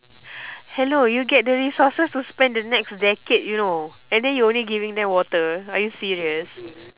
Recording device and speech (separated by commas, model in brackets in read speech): telephone, conversation in separate rooms